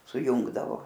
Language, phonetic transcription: Lithuanian, suˈjungdavo

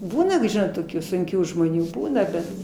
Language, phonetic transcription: Lithuanian, ˈbūna toˈkių sunˈkių žmoˈnių ˈbūna bet

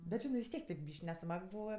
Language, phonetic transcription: Lithuanian, bet ˈžinɜ vis ˈtiek tėp ˈbyšk' neˈsmag ˈbūva

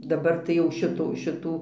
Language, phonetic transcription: Lithuanian, daˈbar tai ˈjau ˈšitų šiˈtų

